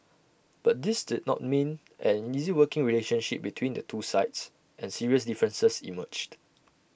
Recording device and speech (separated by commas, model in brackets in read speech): boundary microphone (BM630), read sentence